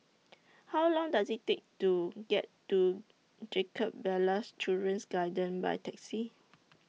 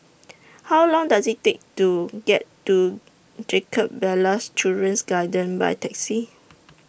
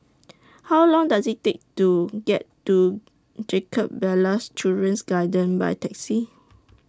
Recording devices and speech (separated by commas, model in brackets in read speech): mobile phone (iPhone 6), boundary microphone (BM630), standing microphone (AKG C214), read sentence